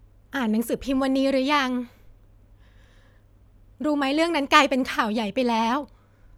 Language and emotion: Thai, sad